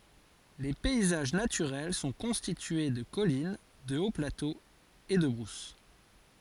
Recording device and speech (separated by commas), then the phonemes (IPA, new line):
forehead accelerometer, read sentence
le pɛizaʒ natyʁɛl sɔ̃ kɔ̃stitye də kɔlin də oplatoz e də bʁus